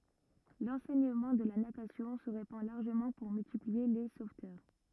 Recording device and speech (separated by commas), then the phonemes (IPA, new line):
rigid in-ear microphone, read sentence
lɑ̃sɛɲəmɑ̃ də la natasjɔ̃ sə ʁepɑ̃ laʁʒəmɑ̃ puʁ myltiplie le sovtœʁ